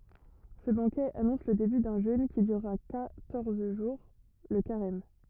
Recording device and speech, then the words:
rigid in-ear microphone, read sentence
Ce banquet annonce le début d'un jeûne qui durera quatorze jours, le carême.

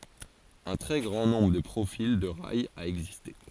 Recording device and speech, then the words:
forehead accelerometer, read sentence
Un très grand nombre de profils de rails a existé.

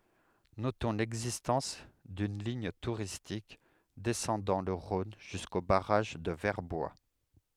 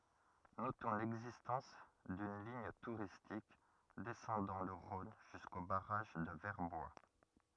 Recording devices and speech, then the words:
headset microphone, rigid in-ear microphone, read sentence
Notons l'existence d'une ligne touristique descendant le Rhône jusqu'au barrage de Verbois.

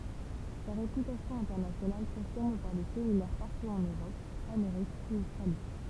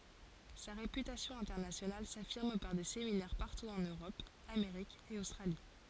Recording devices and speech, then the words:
temple vibration pickup, forehead accelerometer, read sentence
Sa réputation internationale s’affirme par des séminaires partout en Europe, Amérique et Australie.

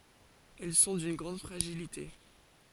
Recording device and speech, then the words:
forehead accelerometer, read sentence
Elles sont d'une grande fragilité.

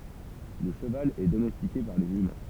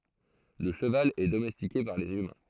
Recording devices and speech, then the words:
temple vibration pickup, throat microphone, read sentence
Le cheval est domestiqué par les humains.

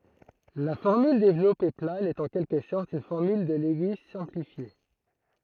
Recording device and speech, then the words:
throat microphone, read sentence
La formule développée plane est en quelque sorte une formule de Lewis simplifiée.

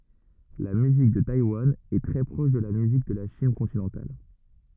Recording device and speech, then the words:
rigid in-ear microphone, read sentence
La musique de Taïwan est très proche de la musique de la Chine continentale.

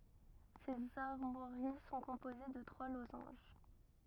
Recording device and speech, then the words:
rigid in-ear microphone, read sentence
Ses armoiries sont composées de trois losanges.

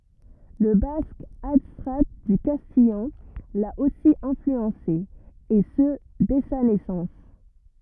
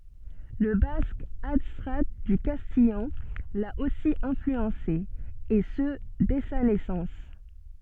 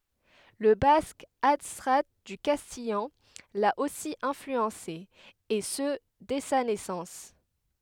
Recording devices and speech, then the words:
rigid in-ear microphone, soft in-ear microphone, headset microphone, read sentence
Le basque, adstrat du castillan, l'a aussi influencé, et ce dès sa naissance.

